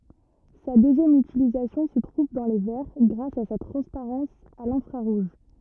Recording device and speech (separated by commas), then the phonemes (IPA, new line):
rigid in-ear microphone, read sentence
sa døzjɛm ytilizasjɔ̃ sə tʁuv dɑ̃ le vɛʁ ɡʁas a sa tʁɑ̃spaʁɑ̃s a lɛ̃fʁaʁuʒ